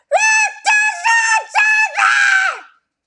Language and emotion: English, angry